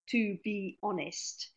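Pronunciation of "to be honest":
The words in 'to be honest' are said one at a time, with no linking sound heard between them.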